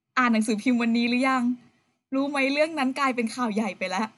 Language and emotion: Thai, happy